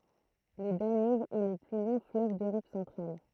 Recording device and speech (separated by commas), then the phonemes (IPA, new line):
throat microphone, read sentence
lə danyb ɛ lə ply lɔ̃ fløv døʁɔp sɑ̃tʁal